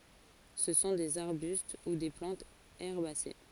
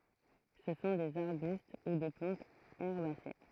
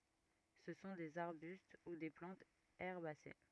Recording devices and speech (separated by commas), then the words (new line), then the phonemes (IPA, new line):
forehead accelerometer, throat microphone, rigid in-ear microphone, read sentence
Ce sont des arbustes ou des plantes herbacées.
sə sɔ̃ dez aʁbyst u de plɑ̃tz ɛʁbase